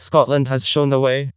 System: TTS, vocoder